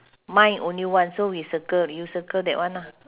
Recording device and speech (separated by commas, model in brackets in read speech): telephone, conversation in separate rooms